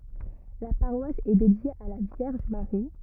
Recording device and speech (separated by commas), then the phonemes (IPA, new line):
rigid in-ear microphone, read sentence
la paʁwas ɛ dedje a la vjɛʁʒ maʁi